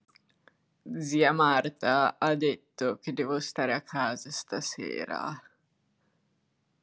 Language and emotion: Italian, disgusted